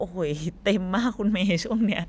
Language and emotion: Thai, happy